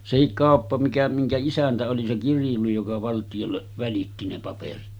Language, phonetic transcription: Finnish, 'sehik "kàoppa mikä miŋkä 'isäntä oli se 'kirjuli joka 'valtijolleˀ , välitti ne paperit .
- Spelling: sekin kauppa mikä minkä isäntä oli se kirjuri joka valtiolle välitti ne paperit

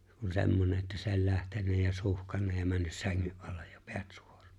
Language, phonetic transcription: Finnish, kun 'se̬mmone ‿ttä se ‿o͕ĺ 'lähtennä ja 'suhkanna ja 'männys 'säŋŋy’ ’allej ja 'pᴇᴀ̈t 'sᴜᴏR̀ᴀᴀ .
- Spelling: kun semmoinen että se oli lähtenyt ja suhkannut ja mennyt sängyn alle ja päät suoraan

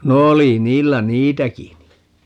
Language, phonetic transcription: Finnish, no 'oli 'niillä "niitäki ni .
- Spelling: no oli niillä niitäkin niin

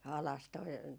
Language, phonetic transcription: Finnish, 'alas toi ,.
- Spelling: alas tuo

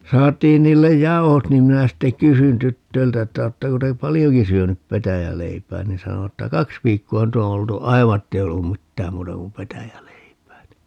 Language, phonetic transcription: Finnish, 'saat̆tiin 'niillej "jauhot niim 'minä 'sitte "kysyn 'tyttöiltä että » 'oottako te "palijoki 'syönyp 'petäjäleipää » ni 'sano(vat) ‿tta » "kaks 'viikkoo 'nyt ‿o oltu "aiva ettei o 'ollum "mittääm 'muuta kum 'petäjäleipää » ni .
- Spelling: saatiin niille jauhot niin minä sitten kysyin tytöiltä että oletteko te paljonkin syönyt petäjäleipää niin sanoivat että kaksi viikkoa nyt on oltu aivan että ei ole ollut mitään muuta kuin petäjäleipää niin

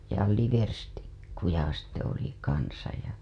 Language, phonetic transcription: Finnish, ja 'liverstikkuja sitte oli kansaj ja .
- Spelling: ja liverstikkuja sitten oli kanssa ja

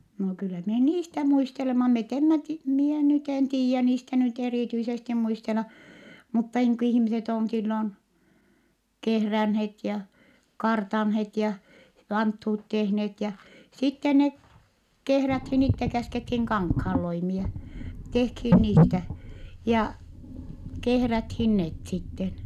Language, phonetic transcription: Finnish, no kyllä mie niistä muistelema - met emmä ti- , mie nyt ‿en tiijä niistä nyt erìtyisesti muistela , mutta niiŋ ku ihⁱmiset on sillon , kehränhet ja , kartanhet ja , vanthuut tehnet ja , sitten ne , kehräthin itte - käskethin kaŋkhaalloimie , tehkhin niitä ja , kehräthin net sitten .
- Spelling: no kyllä minä niistä muistelemme me emme - minä nyt en tiedä niistä nyt erityisesti muistella mutta niin kun ihmiset on silloin kehränneet ja kartanneet ja vanttuut tehneet ja sitten ne kehrättiin itse käskettiin kankaanloimia tehtiin niitä ja kehrättiin ne sitten

